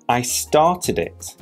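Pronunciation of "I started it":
'Started' ends in an id sound, and 'started' and 'it' are linked together. The stress is at the start of 'started'.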